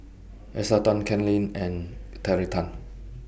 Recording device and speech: boundary microphone (BM630), read sentence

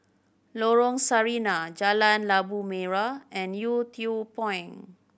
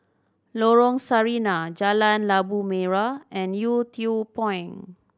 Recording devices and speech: boundary microphone (BM630), standing microphone (AKG C214), read sentence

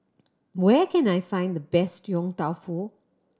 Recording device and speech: standing microphone (AKG C214), read sentence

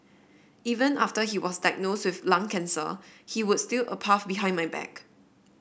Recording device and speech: boundary microphone (BM630), read sentence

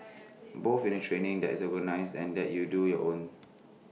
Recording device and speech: mobile phone (iPhone 6), read sentence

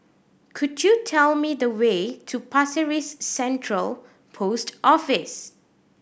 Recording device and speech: boundary microphone (BM630), read sentence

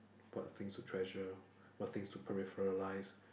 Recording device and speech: boundary microphone, conversation in the same room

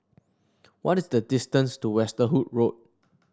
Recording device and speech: standing microphone (AKG C214), read sentence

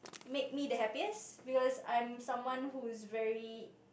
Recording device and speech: boundary microphone, conversation in the same room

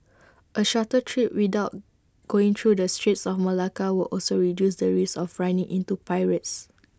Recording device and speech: standing microphone (AKG C214), read sentence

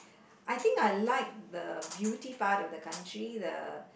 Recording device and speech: boundary microphone, conversation in the same room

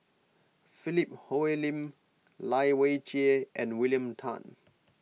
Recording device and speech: mobile phone (iPhone 6), read sentence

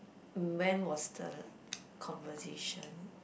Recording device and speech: boundary microphone, conversation in the same room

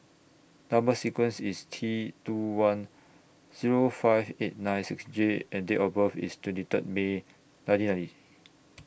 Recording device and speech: boundary microphone (BM630), read sentence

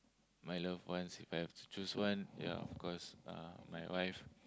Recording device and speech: close-talking microphone, conversation in the same room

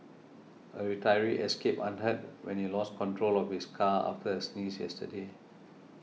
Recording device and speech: mobile phone (iPhone 6), read sentence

